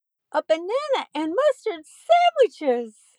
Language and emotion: English, happy